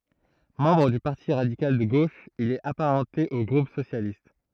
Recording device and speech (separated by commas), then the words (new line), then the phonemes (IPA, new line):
throat microphone, read sentence
Membre du Parti radical de gauche, il est apparenté au groupe socialiste.
mɑ̃bʁ dy paʁti ʁadikal də ɡoʃ il ɛt apaʁɑ̃te o ɡʁup sosjalist